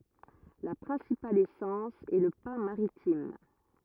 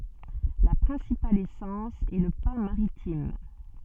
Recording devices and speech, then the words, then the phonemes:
rigid in-ear microphone, soft in-ear microphone, read sentence
La principale essence est le pin maritime.
la pʁɛ̃sipal esɑ̃s ɛ lə pɛ̃ maʁitim

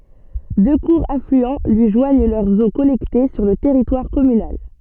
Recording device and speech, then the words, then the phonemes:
soft in-ear microphone, read sentence
Deux courts affluents lui joignent leurs eaux collectées sur le territoire communal.
dø kuʁz aflyɑ̃ lyi ʒwaɲ lœʁz o kɔlɛkte syʁ lə tɛʁitwaʁ kɔmynal

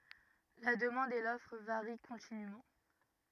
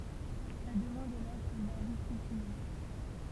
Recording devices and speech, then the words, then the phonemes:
rigid in-ear microphone, temple vibration pickup, read sentence
La demande et l'offre varient continûment.
la dəmɑ̃d e lɔfʁ vaʁi kɔ̃tinym

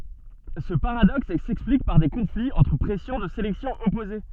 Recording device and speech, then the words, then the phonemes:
soft in-ear microphone, read sentence
Ce paradoxe s'explique par des conflits entre pressions de sélection opposées.
sə paʁadɔks sɛksplik paʁ de kɔ̃fliz ɑ̃tʁ pʁɛsjɔ̃ də selɛksjɔ̃ ɔpoze

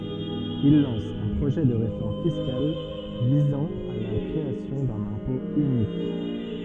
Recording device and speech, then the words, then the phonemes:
soft in-ear microphone, read sentence
Il lance un projet de réforme fiscale visant à la création d’un impôt unique.
il lɑ̃s œ̃ pʁoʒɛ də ʁefɔʁm fiskal vizɑ̃ a la kʁeasjɔ̃ dœ̃n ɛ̃pɔ̃ ynik

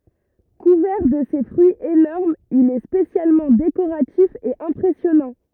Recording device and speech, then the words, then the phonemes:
rigid in-ear microphone, read sentence
Couvert de ses fruits énormes il est spécialement décoratif et impressionnant.
kuvɛʁ də se fʁyiz enɔʁmz il ɛ spesjalmɑ̃ dekoʁatif e ɛ̃pʁɛsjɔnɑ̃

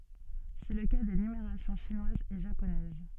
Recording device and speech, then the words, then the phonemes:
soft in-ear microphone, read sentence
C'est le cas des numérations chinoise et japonaise.
sɛ lə ka de nymeʁasjɔ̃ ʃinwaz e ʒaponɛz

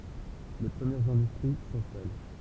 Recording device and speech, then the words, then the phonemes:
temple vibration pickup, read sentence
Les premières industries s'installent.
le pʁəmjɛʁz ɛ̃dystʁi sɛ̃stal

